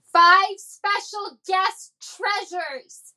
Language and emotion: English, angry